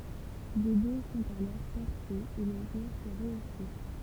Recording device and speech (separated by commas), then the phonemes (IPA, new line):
temple vibration pickup, read sentence
de bɛ sɔ̃t alɔʁ pɛʁsez e lə myʁ ɛ ʁəose